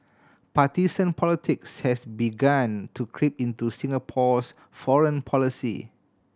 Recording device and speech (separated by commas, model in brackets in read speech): standing microphone (AKG C214), read sentence